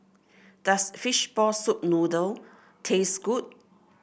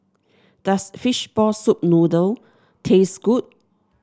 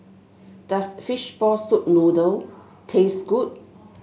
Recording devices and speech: boundary microphone (BM630), standing microphone (AKG C214), mobile phone (Samsung S8), read sentence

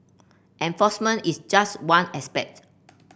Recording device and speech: boundary microphone (BM630), read sentence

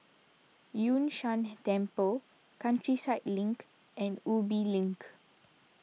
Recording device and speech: mobile phone (iPhone 6), read sentence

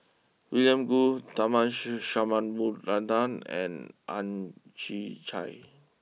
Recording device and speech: mobile phone (iPhone 6), read sentence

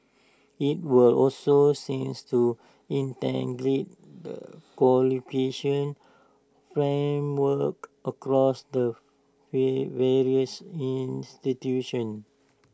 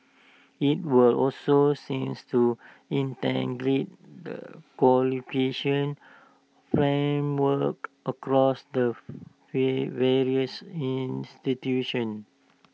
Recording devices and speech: standing microphone (AKG C214), mobile phone (iPhone 6), read sentence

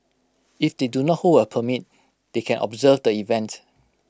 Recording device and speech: close-talking microphone (WH20), read sentence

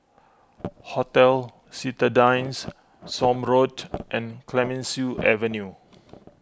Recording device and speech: close-talking microphone (WH20), read sentence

